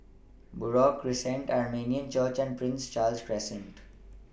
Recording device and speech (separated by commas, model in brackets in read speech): boundary microphone (BM630), read sentence